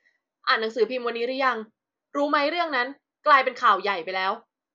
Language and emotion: Thai, frustrated